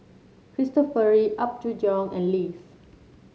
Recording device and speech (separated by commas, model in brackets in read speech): mobile phone (Samsung C7), read sentence